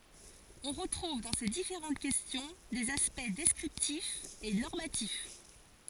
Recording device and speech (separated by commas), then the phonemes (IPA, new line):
forehead accelerometer, read sentence
ɔ̃ ʁətʁuv dɑ̃ se difeʁɑ̃t kɛstjɔ̃ dez aspɛkt dɛskʁiptifz e nɔʁmatif